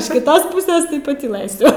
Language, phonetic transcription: Lithuanian, iš kiˈtos ˈpuses tai patyˈlɘsiu

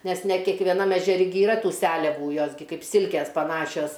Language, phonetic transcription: Lithuanian, nes ne kekveˈnam ežeˈri gi iˈra ˈtų ˈseliavų ˈjos gi ˈkaip ˈsilkės paˈnašios

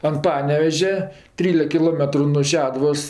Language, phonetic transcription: Lithuanian, an ˈpanevežia ˈtrylek kiˈlometru nuo ˈšeduvos

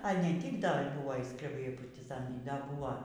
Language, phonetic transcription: Lithuanian, a ˈne ˈtyk da ˈbuvo y skreˈbai y partiˈzanai ˈda ˈbuvo

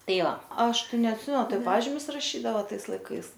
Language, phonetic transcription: Lithuanian, ˈtai ˈva ˈaš ˈtai neatˈsimen ˈtai ˈpažimius raˈšydavo ˈtais laiˈkais

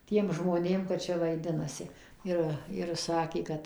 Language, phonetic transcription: Lithuanian, ˈtiem žmoˈnėm kad ˈčia vaiˈdinasi ˈir ir ˈsakė ˈkad

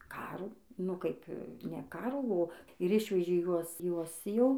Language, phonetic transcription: Lithuanian, ˈkarų nu ˈkaip ne ˈkarų o ir ˈišvežė ˈjuos ˈjuos ˈjau

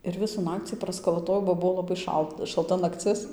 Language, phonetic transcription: Lithuanian, ir ˈvisų ˈnakcį praskalaˈtojau ba ˈbuo laˈbai ˈšalt šalˈta nakˈcis

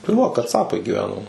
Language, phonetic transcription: Lithuanian, tai va kaˈcapai giˈveno

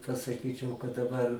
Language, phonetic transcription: Lithuanian, pasaˈkyčiau kad daˈbar

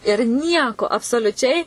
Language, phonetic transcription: Lithuanian, ir ˈnieko absoliuˈčiai

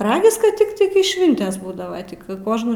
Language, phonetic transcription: Lithuanian, ˈragis kad ˈtiktai kai ˈšvintės ˈbūdava tik ˈkožnų

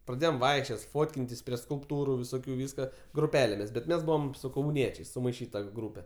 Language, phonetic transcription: Lithuanian, praˈdėjom ˈvaikščiot ˈfotkintis prie skulpˈtūru viˈsokiu ˈvyska gruˈpelėmis bet ˈmes ˈbūvam su kauˈniečiais sumaiˈšyta ˈgrūpe

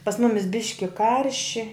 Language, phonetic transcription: Lithuanian, pas ˈmumis ˈbiški ˈkarši

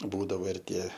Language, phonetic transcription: Lithuanian, ˈbūdavo ir ˈtie

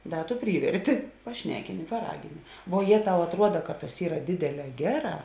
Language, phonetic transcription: Lithuanian, ˈda tu ˈpryverti paˈšnekini paˈragini vuo ˈjė ˈtau atˈruoda kad tas ˈyra ˈdėdėˌlē ˈgeˌrā

